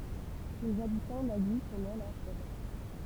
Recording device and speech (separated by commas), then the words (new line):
temple vibration pickup, read sentence
Les habitants d'Agy tenaient leur revanche.